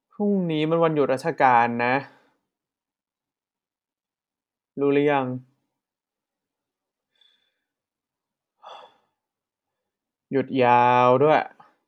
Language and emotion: Thai, frustrated